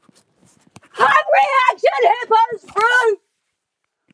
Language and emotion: English, angry